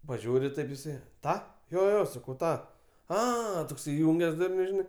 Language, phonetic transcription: Lithuanian, paˈžiūri ˈtaip jiˈsai ˈtą jo jo ˈjo saˈkau ˈtą ˈa toks iˈjunges ˈdurniu žiˈnai

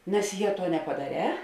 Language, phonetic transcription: Lithuanian, nes ˈje ˈtuo nepadaˈrē

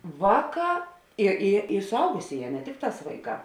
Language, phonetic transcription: Lithuanian, ˈvāˌkā i i i suˈaugusėˌjē ne ˈtikˌtās ˈvaiˌkā

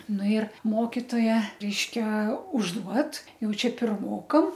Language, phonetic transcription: Lithuanian, ˈnu ir ˈmokitoja ˈreiškia užˈduod ˈjau ˈčia pirˈmokam

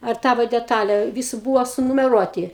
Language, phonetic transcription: Lithuanian, ar ˈtavo deˈtale ˈvysu ˈbūvo sunumeˈruoti

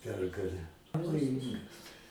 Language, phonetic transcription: Lithuanian, ˈpergalę pavoˈjingas

